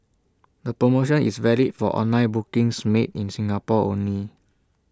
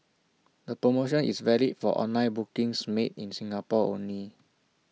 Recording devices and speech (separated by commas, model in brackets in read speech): standing microphone (AKG C214), mobile phone (iPhone 6), read sentence